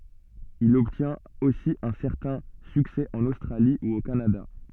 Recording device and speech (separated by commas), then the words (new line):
soft in-ear microphone, read sentence
Il obtient aussi un certain succès en Australie ou au Canada.